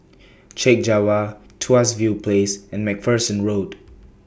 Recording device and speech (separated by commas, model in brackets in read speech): boundary microphone (BM630), read sentence